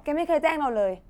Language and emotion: Thai, angry